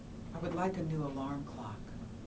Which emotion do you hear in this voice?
neutral